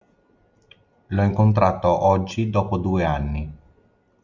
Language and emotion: Italian, neutral